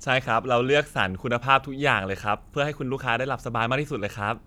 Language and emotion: Thai, happy